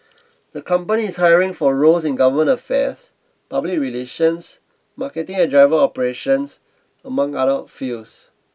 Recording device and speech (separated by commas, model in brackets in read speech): boundary microphone (BM630), read sentence